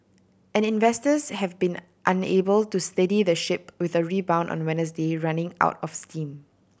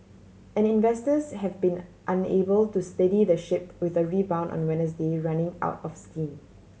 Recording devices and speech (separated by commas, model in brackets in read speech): boundary microphone (BM630), mobile phone (Samsung C7100), read sentence